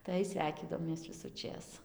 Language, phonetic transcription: Lithuanian, tai ˈsveikydavomės visuˈčės

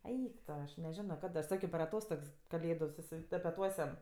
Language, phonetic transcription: Lithuanian, ˈeik to aš neˈženo ˈkad aš ˈsakio per aˈtostogs kaˈlėdu susitapeˈtuosiam

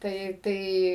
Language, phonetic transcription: Lithuanian, ˈtai ˈtai

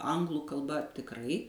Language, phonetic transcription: Lithuanian, ˈanglu kalˈba tikˈrai

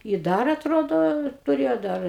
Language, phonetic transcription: Lithuanian, i ˈdar atˈrodo tuˈrėjo ˈdar

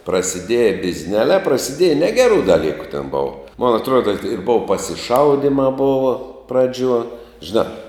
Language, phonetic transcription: Lithuanian, prasiˈdieja bizˈneliā prasiˈdieja ˈnegerų daˈlyku ten ˈbova mon atˈruoda ir ˈbova pasiˈšaudymā ˈbova ˈpraˌdžiuo žiˈnā

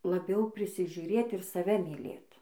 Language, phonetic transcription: Lithuanian, laˈbiau prisižiuˈrėt ir saˈve myˈlėt

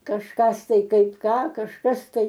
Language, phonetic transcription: Lithuanian, kažˈkas ˈtai ˈkaip ˈką kažˈkas ˈtai

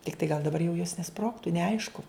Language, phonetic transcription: Lithuanian, tikˈtai gal daˈbar jau jos neˈsprogtu neˈaišku

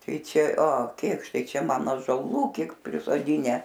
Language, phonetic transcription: Lithuanian, ˈtai ˈčia o ˈkėkštai ˈčia ˈman ąžoˈlų ˈkiek prisoˈdinę

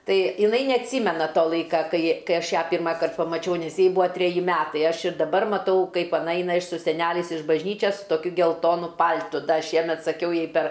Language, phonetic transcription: Lithuanian, ˈtai iˈnai neatˈsymena ˈto ˈlaika ˈkai ˈkai ˈaš ˈją ˈpirmakart pamaˈčiau nes ˈjai ˈbua treˈji ˈmetai ˈaš ir daˈbar maˈtau ˈkaip aˈna ˈeina iš su seˈneliais iš bažˈnyčias su toˈkiu gelˈtonu ˈpal'tu ˈda ˈšiemet saˈkiau ˈjai per

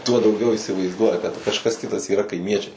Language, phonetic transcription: Lithuanian, tuo dauˈgiau įsivaizˈduoja kad kažˈkas ˈkitas yˈra kaiˈmiečiai

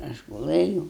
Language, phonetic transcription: Lithuanian, ˈaš guˈlɘjūu

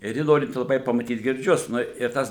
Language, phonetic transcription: Lithuanian, ir ˈji ˈnorinti laˈbai pamaˈtyt girˈdžius ˈnu ir ˈtas

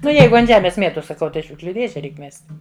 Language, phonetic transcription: Lithuanian, ˈnu ˈjeigu ant ˈžemės ˈmietos saˈkau ˈtai i ˈšiukšliu ˈdėže ˈreik ˈmest'

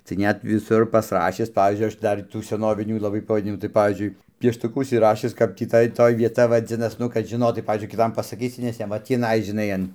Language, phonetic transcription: Lithuanian, tai ˈnet viˈsur pasˈrašis ˈpavyzdžiui ˈaš ˈdar tų seˈnovinių laˈbai pavaˈdinimų tai ˈpavyzdžiui pieštuˈku užsiˈrašis ˈkap tį ˈtai ˈtoj vieˈta vaˈdzinas ˈnu kad žiˈnotai ˈpavyzdžiui kiˈtam pasaˈkysi nes ˈjam va ˈtįnai žiˈnai an

